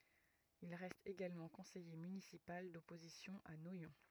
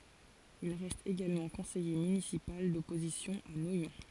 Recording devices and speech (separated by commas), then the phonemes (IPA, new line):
rigid in-ear microphone, forehead accelerometer, read sentence
il ʁɛst eɡalmɑ̃ kɔ̃sɛje mynisipal dɔpozisjɔ̃ a nwajɔ̃